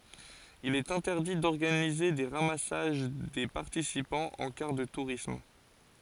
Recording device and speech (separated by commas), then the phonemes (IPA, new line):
forehead accelerometer, read sentence
il ɛt ɛ̃tɛʁdi dɔʁɡanize de ʁamasaʒ de paʁtisipɑ̃z ɑ̃ kaʁ də tuʁism